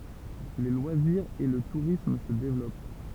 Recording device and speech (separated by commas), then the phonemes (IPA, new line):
temple vibration pickup, read sentence
le lwaziʁz e lə tuʁism sə devlɔp